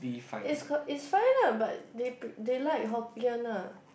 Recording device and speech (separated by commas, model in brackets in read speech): boundary microphone, conversation in the same room